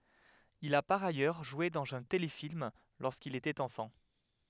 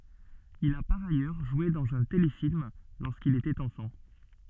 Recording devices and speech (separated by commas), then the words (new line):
headset microphone, soft in-ear microphone, read sentence
Il a par ailleurs joué dans un téléfilm lorsqu'il était enfant.